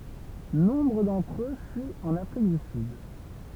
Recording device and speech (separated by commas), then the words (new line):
temple vibration pickup, read sentence
Nombre d'entre eux fuient en Afrique du Sud.